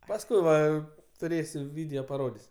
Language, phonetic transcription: Lithuanian, pasˈkui va tuˈrėsiu ˈvideo paˈrodis'

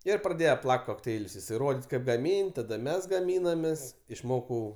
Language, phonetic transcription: Lithuanian, ˈir praˈdėje ˈplak't' kokˈteilius jiˈsai ˈrodit' kaip gaˈmyn't' ˈtada ˈmes gaˈmynamės išˈmokau

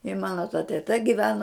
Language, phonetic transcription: Lithuanian, i ˈmano ta teˈta giˈveno

